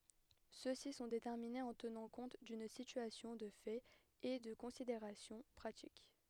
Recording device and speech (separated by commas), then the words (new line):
headset microphone, read sentence
Ceux-ci sont déterminés en tenant compte d'une situation de fait et de considérations pratiques.